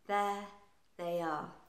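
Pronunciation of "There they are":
In 'There they are', 'there' stands on its own, and 'they' and 'are' are linked together.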